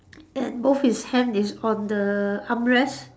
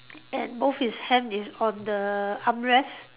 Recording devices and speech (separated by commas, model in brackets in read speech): standing microphone, telephone, conversation in separate rooms